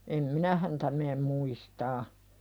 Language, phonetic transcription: Finnish, em "minä häntä meem 'muistaa .
- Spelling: en minä häntä mene muistamaan

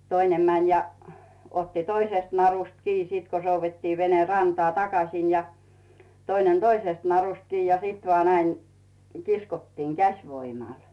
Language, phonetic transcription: Finnish, 'toinem mäń ja , otti "toisèst 'narust 'kii sit ko 'souvvettii 'vene "rantᵒà "takas̀in ja , 'toinen "toisest narust 'kii ja sit vaa 'näiŋ , 'kiskottiiŋ "käś'voimàl .
- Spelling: toinen meni ja otti toisesta narusta kiinni sitten kun soudettiin vene rantaan takaisin ja toinen toisesta narusta kiinni ja sitten vain näin kiskottiin käsivoimalla

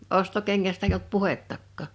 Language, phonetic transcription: Finnish, 'ostokeŋŋästä eij ‿olt "puhettakkà .
- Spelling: ostokengästä ei ollut puhettakaan

